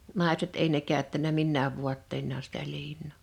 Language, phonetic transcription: Finnish, 'nàeset èi ne 'kä̀öttänä "minnääv 'vuatteinnaa sitä 'liin̆nò .
- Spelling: naiset ei ne käyttänyt minään vaatteinaan sitä liinaa

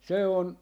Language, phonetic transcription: Finnish, se on , .
- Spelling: se on

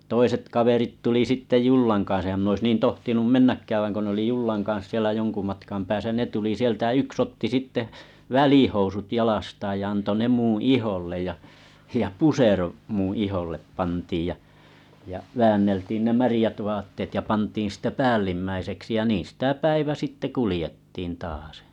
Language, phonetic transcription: Finnish, 'toiset 'kaverit tuli sitte "jullaŋ kan̬s ehäm minä ois 'niin tohtinum mennäkkääv vaiŋ ko ne oli 'jullaŋ kan̬s sielä 'joŋku matkam pääsä 'ne tuli 'sieltä jᵃ 'yks otti sitte , "välihousut 'jalastaaj ja anto 'ne 'muṵ "ihollej ja , ja 'pusero , muṵ ihollep pantiij ja , ja 'väänneltiin ne märⁱjät avattet ja 'pantiin stᵊ "päällimmäiseksi ja 'niin̬ sitä 'päivä sitte 'kulⁱjettiin taasᴇ .
- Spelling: toiset kaverit tuli sitten jollan kanssa enhän minä olisi niin tohtinut mennäkään vaan kun ne oli jollan kanssa siellä jonkun matkan päässä ne tuli sieltä ja yksi otti sitten välihousut jalastaan ja antoi ne minun iholle ja ja pusero minun iholle pantiin ja ja väänneltiin ne märät vaatteet ja pantiin sitten päällimmäiseksi ja niin sitä päivä sitten kuljettiin taasen

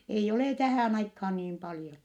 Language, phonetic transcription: Finnish, eij ‿olè tähä̀n ‿aikhaan niim paljon .
- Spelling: ei ole tähän aikaan niin paljon

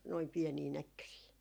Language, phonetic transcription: Finnish, noim 'piɛnii "näkkösii .
- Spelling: noin pieniä näkkösiä

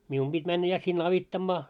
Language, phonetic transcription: Finnish, 'mium ʙit männä ja sin'n ‿avittammaa .
- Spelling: minun piti mennä ja sinne auttamaan

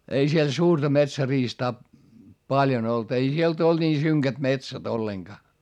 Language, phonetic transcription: Finnish, ei siel suurta metsäriistaa , paljon ‿olt - ei sielt ‿olD nii syŋkät metsät ‿olleŋGaa .
- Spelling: ei siellä suurta metsäriistaa paljon ollut ei sieltä ollut niin synkät metsät ollenkaan

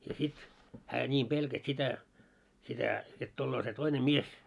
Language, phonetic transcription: Finnish, ja sit , hää 'ńiim 'ʙelkäs 'sitä , sitä , jot tulloo se 'toine "mies .
- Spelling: ja sitten hän niin pelkäsi sitä sitä jotta tulee se toinen mies

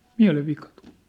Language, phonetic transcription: Finnish, 'miä̭lev'vika tᴜʟ .
- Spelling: mielenvika tuli

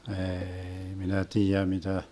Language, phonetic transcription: Finnish, 'eei "minä 'tiijä mitä ,.
- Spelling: ei minä tiedä mitä

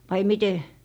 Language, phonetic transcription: Finnish, vai 'mite ?
- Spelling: vai miten

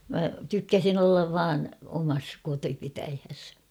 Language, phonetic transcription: Finnish, mä tykkäsin ‿ollav "vaan , omas 'kotipitäjhes .
- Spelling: minä tykkäsin olla vain omassa kotipitäjässäni

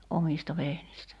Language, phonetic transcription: Finnish, 'omista 'vehnistä .
- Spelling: omista vehnistä

